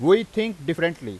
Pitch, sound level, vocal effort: 170 Hz, 96 dB SPL, very loud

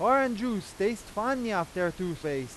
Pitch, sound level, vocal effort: 200 Hz, 97 dB SPL, very loud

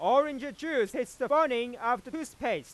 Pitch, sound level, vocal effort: 275 Hz, 104 dB SPL, very loud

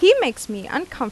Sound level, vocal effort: 89 dB SPL, loud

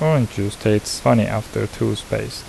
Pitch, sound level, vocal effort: 110 Hz, 75 dB SPL, soft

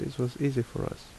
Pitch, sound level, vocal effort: 140 Hz, 71 dB SPL, soft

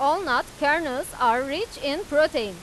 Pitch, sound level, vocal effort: 290 Hz, 99 dB SPL, loud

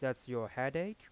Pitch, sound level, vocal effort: 130 Hz, 89 dB SPL, soft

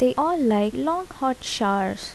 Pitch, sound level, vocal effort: 255 Hz, 77 dB SPL, soft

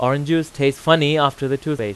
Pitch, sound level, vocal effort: 140 Hz, 92 dB SPL, loud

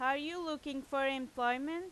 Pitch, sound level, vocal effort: 275 Hz, 94 dB SPL, very loud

